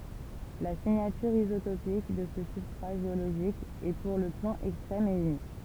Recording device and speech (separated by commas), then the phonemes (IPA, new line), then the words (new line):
temple vibration pickup, read sentence
la siɲatyʁ izotopik də sə sybstʁa ʒeoloʒik ɛ puʁ lə plɔ̃ ɛkstʁɛm e ynik
La signature isotopique de ce substrat géologique est pour le plomb extrême et unique.